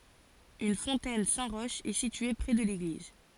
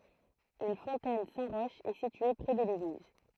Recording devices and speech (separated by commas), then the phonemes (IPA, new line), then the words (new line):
forehead accelerometer, throat microphone, read sentence
yn fɔ̃tɛn sɛ̃ ʁɔʃ ɛ sitye pʁɛ də leɡliz
Une fontaine Saint-Roch est située près de l'église.